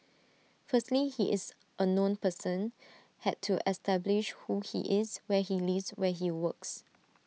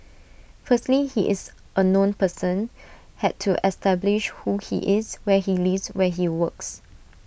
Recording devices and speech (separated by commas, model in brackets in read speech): mobile phone (iPhone 6), boundary microphone (BM630), read sentence